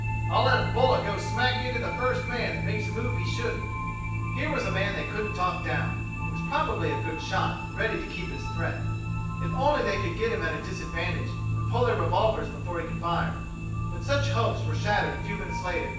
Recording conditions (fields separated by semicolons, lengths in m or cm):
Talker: one person; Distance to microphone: 9.8 m; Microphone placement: far; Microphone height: 1.8 m; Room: large; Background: music